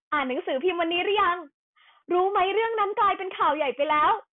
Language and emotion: Thai, happy